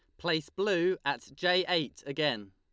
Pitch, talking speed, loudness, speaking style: 160 Hz, 155 wpm, -31 LUFS, Lombard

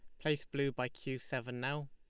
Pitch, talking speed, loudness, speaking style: 135 Hz, 210 wpm, -39 LUFS, Lombard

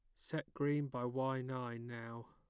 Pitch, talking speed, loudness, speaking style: 125 Hz, 170 wpm, -41 LUFS, plain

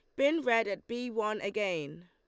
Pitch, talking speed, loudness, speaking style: 215 Hz, 195 wpm, -32 LUFS, Lombard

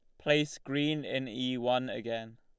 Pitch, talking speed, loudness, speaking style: 130 Hz, 165 wpm, -32 LUFS, Lombard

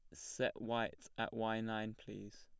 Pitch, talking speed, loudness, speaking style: 110 Hz, 165 wpm, -42 LUFS, plain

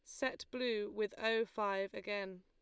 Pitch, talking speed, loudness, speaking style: 210 Hz, 160 wpm, -39 LUFS, Lombard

